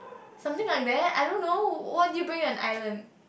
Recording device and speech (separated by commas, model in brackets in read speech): boundary microphone, conversation in the same room